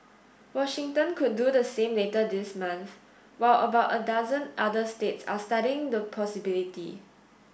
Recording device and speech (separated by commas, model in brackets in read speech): boundary microphone (BM630), read sentence